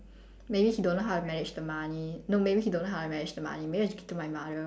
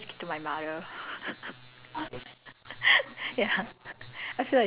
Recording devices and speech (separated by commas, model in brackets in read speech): standing microphone, telephone, conversation in separate rooms